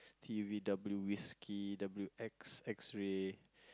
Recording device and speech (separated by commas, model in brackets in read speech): close-talking microphone, conversation in the same room